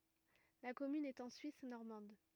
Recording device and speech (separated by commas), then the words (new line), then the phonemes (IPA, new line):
rigid in-ear microphone, read sentence
La commune est en Suisse normande.
la kɔmyn ɛt ɑ̃ syis nɔʁmɑ̃d